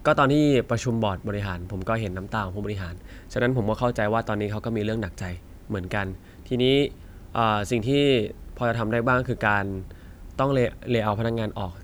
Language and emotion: Thai, neutral